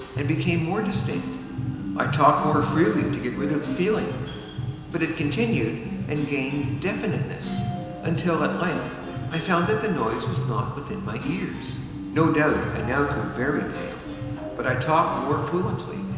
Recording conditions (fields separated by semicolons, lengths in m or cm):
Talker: one person; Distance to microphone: 1.7 m; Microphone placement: close; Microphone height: 1.0 m; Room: very reverberant, large; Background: music